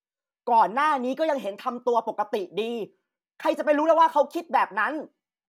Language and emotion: Thai, angry